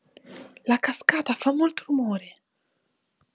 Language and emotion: Italian, fearful